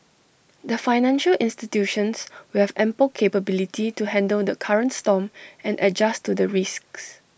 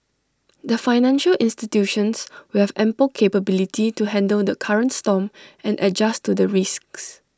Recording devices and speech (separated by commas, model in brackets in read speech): boundary microphone (BM630), standing microphone (AKG C214), read sentence